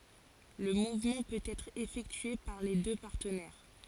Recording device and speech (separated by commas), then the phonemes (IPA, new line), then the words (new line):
forehead accelerometer, read sentence
lə muvmɑ̃ pøt ɛtʁ efɛktye paʁ le dø paʁtənɛʁ
Le mouvement peut être effectué par les deux partenaires.